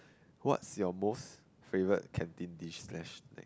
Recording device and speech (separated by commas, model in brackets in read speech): close-talking microphone, conversation in the same room